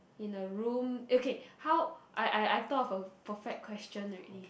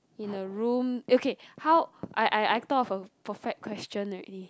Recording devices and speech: boundary microphone, close-talking microphone, conversation in the same room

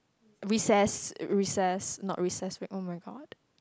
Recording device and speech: close-talking microphone, conversation in the same room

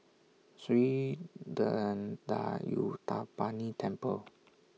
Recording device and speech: mobile phone (iPhone 6), read sentence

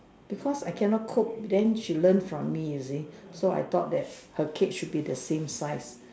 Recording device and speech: standing microphone, conversation in separate rooms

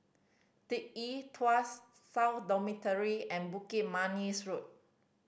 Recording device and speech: boundary microphone (BM630), read sentence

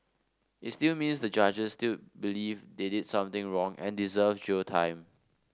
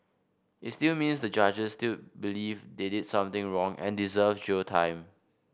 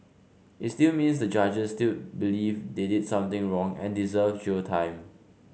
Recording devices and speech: standing microphone (AKG C214), boundary microphone (BM630), mobile phone (Samsung C5), read sentence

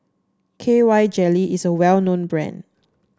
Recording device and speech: standing microphone (AKG C214), read sentence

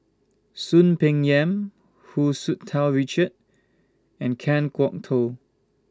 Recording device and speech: standing microphone (AKG C214), read sentence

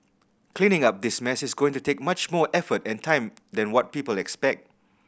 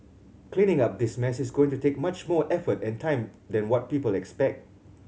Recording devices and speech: boundary microphone (BM630), mobile phone (Samsung C7100), read sentence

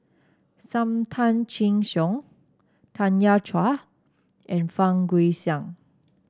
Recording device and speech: standing microphone (AKG C214), read sentence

